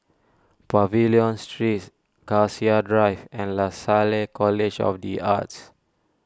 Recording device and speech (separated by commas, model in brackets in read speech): standing microphone (AKG C214), read sentence